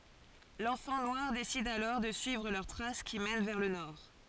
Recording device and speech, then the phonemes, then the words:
forehead accelerometer, read sentence
lɑ̃fɑ̃ nwaʁ desid alɔʁ də syivʁ lœʁ tʁas ki mɛn vɛʁ lə nɔʁ
L'enfant noir décide alors de suivre leurs traces qui mènent vers le nord.

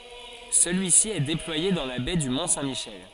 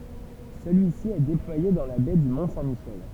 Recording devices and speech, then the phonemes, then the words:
forehead accelerometer, temple vibration pickup, read sentence
səlyisi ɛ deplwaje dɑ̃ la bɛ dy mɔ̃ sɛ̃ miʃɛl
Celui-ci est déployé dans la baie du Mont Saint Michel.

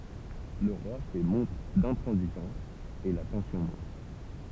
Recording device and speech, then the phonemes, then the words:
temple vibration pickup, read sentence
lə ʁwa fɛ mɔ̃tʁ dɛ̃tʁɑ̃ziʒɑ̃s e la tɑ̃sjɔ̃ mɔ̃t
Le roi fait montre d'intransigeance et la tension monte.

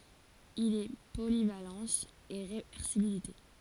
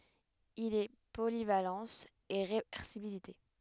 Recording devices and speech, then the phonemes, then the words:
forehead accelerometer, headset microphone, read sentence
il ɛ polivalɑ̃s e ʁevɛʁsibilite
Il est polyvalence et réversibilité.

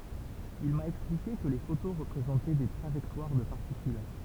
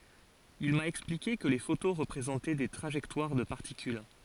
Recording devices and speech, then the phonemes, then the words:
temple vibration pickup, forehead accelerometer, read sentence
il ma ɛksplike kə le foto ʁəpʁezɑ̃tɛ de tʁaʒɛktwaʁ də paʁtikyl
Il m'a expliqué que les photos représentaient des trajectoires de particules.

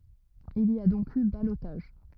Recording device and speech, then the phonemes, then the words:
rigid in-ear microphone, read sentence
il i a dɔ̃k y balotaʒ
Il y a donc eu ballotage.

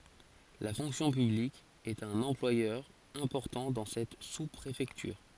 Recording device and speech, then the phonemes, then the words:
forehead accelerometer, read sentence
la fɔ̃ksjɔ̃ pyblik ɛt œ̃n ɑ̃plwajœʁ ɛ̃pɔʁtɑ̃ dɑ̃ sɛt su pʁefɛktyʁ
La fonction publique est un employeur important dans cette sous-préfecture.

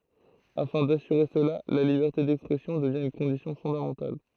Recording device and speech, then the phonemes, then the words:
throat microphone, read sentence
afɛ̃ dasyʁe səla la libɛʁte dɛkspʁɛsjɔ̃ dəvjɛ̃ yn kɔ̃disjɔ̃ fɔ̃damɑ̃tal
Afin d'assurer cela, la liberté d’expression devient une condition fondamentale.

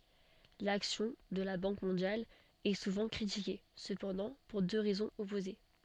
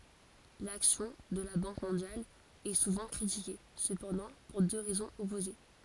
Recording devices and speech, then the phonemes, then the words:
soft in-ear microphone, forehead accelerometer, read sentence
laksjɔ̃ də la bɑ̃k mɔ̃djal ɛ suvɑ̃ kʁitike səpɑ̃dɑ̃ puʁ dø ʁɛzɔ̃z ɔpoze
L'action de la Banque mondiale est souvent critiquée, cependant pour deux raisons opposées.

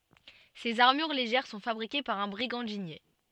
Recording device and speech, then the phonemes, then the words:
soft in-ear microphone, read sentence
sez aʁmyʁ leʒɛʁ sɔ̃ fabʁike paʁ œ̃ bʁiɡɑ̃dinje
Ces armures légères sont fabriquées par un brigandinier.

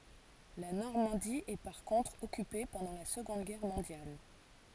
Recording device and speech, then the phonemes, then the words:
forehead accelerometer, read sentence
la nɔʁmɑ̃di ɛ paʁ kɔ̃tʁ ɔkype pɑ̃dɑ̃ la səɡɔ̃d ɡɛʁ mɔ̃djal
La Normandie est par contre occupée pendant la Seconde Guerre mondiale.

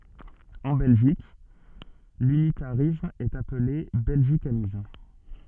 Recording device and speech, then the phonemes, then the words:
soft in-ear microphone, read sentence
ɑ̃ bɛlʒik lynitaʁism ɛt aple bɛlʒikanism
En Belgique, l'unitarisme est appelé belgicanisme.

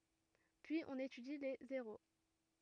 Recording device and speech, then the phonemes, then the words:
rigid in-ear microphone, read sentence
pyiz ɔ̃n etydi le zeʁo
Puis on étudie les zéros.

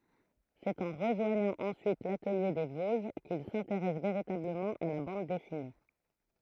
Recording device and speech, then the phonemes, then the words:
throat microphone, read sentence
sɛt ɑ̃ ʁəʒwaɲɑ̃ ɑ̃syit latəlje de voʒ kil sɛ̃teʁɛs veʁitabləmɑ̃ a la bɑ̃d dɛsine
C'est en rejoignant ensuite l'Atelier des Vosges qu'il s'intéresse véritablement à la bande dessinée.

